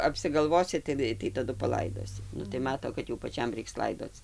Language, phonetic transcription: Lithuanian, apsigalˈvosi tiˈnai tai taˈdu paˈlaidosi ˈnu tai ˈmato kad jau paˈčiam ˈreiks ˈlaidoc

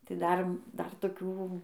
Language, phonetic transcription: Lithuanian, tai ˈdar ˈdar toˈkių

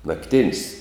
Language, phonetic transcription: Lithuanian, nakˈtin's'

